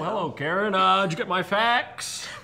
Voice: employment voice